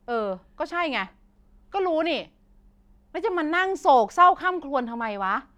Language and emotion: Thai, frustrated